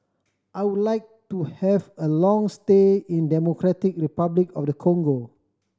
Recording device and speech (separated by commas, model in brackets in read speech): standing microphone (AKG C214), read sentence